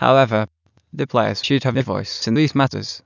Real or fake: fake